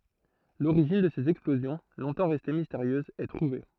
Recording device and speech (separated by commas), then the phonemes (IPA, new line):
throat microphone, read sentence
loʁiʒin də sez ɛksplozjɔ̃ lɔ̃tɑ̃ ʁɛste misteʁjøzz ɛ tʁuve